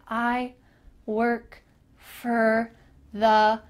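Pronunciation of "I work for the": In 'I work for the', 'for' is reduced to 'fer', but the words are not linked together or said quickly, so it sounds a little bit weird.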